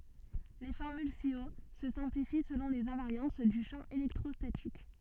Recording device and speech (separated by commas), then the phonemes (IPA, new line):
soft in-ear microphone, read sentence
le fɔʁmyl si o sə sɛ̃plifi səlɔ̃ lez ɛ̃vaʁjɑ̃s dy ʃɑ̃ elɛktʁɔstatik